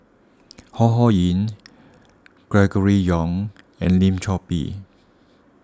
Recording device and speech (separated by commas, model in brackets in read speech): standing microphone (AKG C214), read sentence